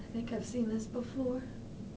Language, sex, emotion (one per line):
English
female
fearful